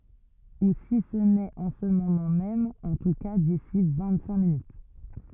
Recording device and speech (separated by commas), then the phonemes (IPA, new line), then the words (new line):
rigid in-ear microphone, read sentence
u si sə nɛt ɑ̃ sə momɑ̃ mɛm ɑ̃ tu ka disi vɛ̃t sɛ̃k minyt
Ou si ce n'est en ce moment même, en tout cas d'ici vingt-cinq minutes.